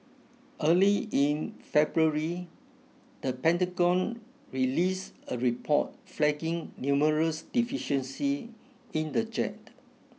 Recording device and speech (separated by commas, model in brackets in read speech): mobile phone (iPhone 6), read sentence